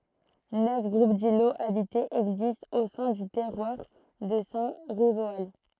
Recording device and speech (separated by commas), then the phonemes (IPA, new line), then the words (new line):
throat microphone, read sentence
nœf ɡʁup diloz abitez ɛɡzistt o sɛ̃ dy tɛʁwaʁ də sɛ̃ ʁivoal
Neuf groupes d'îlots habités existent au sein du terroir de Saint-Rivoal.